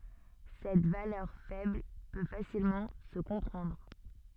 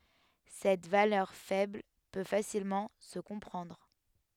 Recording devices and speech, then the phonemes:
soft in-ear microphone, headset microphone, read sentence
sɛt valœʁ fɛbl pø fasilmɑ̃ sə kɔ̃pʁɑ̃dʁ

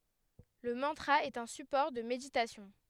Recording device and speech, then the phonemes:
headset microphone, read sentence
lə mɑ̃tʁa ɛt œ̃ sypɔʁ də meditasjɔ̃

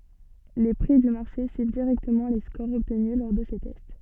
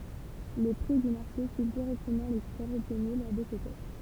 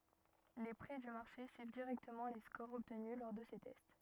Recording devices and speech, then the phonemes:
soft in-ear microphone, temple vibration pickup, rigid in-ear microphone, read sentence
le pʁi dy maʁʃe syiv diʁɛktəmɑ̃ le skoʁz ɔbtny lɔʁ də se tɛst

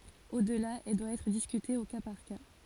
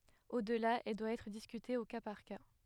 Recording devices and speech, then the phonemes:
forehead accelerometer, headset microphone, read sentence
odla ɛl dwa ɛtʁ diskyte o ka paʁ ka

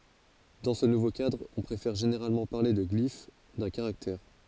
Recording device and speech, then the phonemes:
forehead accelerometer, read sentence
dɑ̃ sə nuvo kadʁ ɔ̃ pʁefɛʁ ʒeneʁalmɑ̃ paʁle də ɡlif dœ̃ kaʁaktɛʁ

